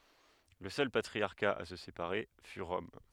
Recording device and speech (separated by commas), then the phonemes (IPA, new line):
headset microphone, read sentence
lə sœl patʁiaʁka a sə sepaʁe fy ʁɔm